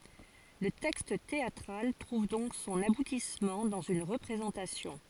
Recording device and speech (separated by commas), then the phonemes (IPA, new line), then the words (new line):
forehead accelerometer, read sentence
lə tɛkst teatʁal tʁuv dɔ̃k sɔ̃n abutismɑ̃ dɑ̃z yn ʁəpʁezɑ̃tasjɔ̃
Le texte théâtral trouve donc son aboutissement dans une représentation.